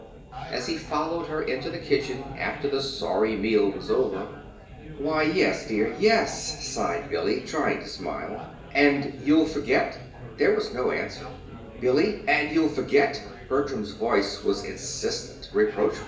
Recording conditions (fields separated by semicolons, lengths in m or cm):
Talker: one person; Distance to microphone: 1.8 m; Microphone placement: close; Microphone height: 1.0 m; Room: large; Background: babble